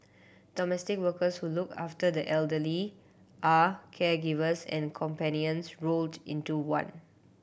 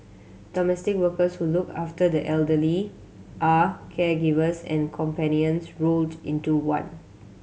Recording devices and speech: boundary microphone (BM630), mobile phone (Samsung C7100), read sentence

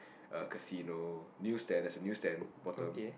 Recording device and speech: boundary microphone, conversation in the same room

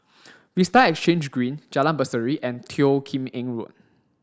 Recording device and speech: standing microphone (AKG C214), read sentence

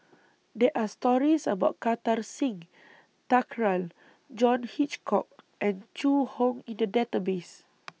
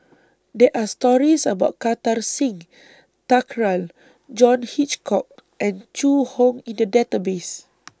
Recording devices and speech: mobile phone (iPhone 6), standing microphone (AKG C214), read sentence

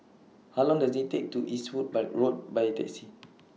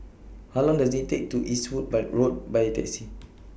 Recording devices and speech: mobile phone (iPhone 6), boundary microphone (BM630), read sentence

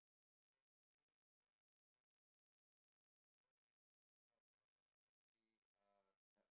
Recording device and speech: boundary microphone, conversation in the same room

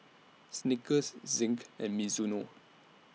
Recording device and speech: mobile phone (iPhone 6), read sentence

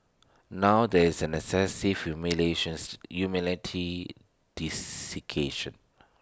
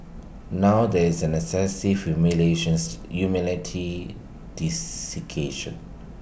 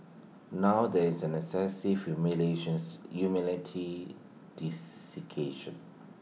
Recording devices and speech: standing microphone (AKG C214), boundary microphone (BM630), mobile phone (iPhone 6), read sentence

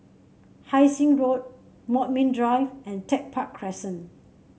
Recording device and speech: mobile phone (Samsung C7), read sentence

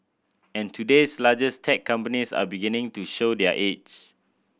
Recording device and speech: boundary microphone (BM630), read sentence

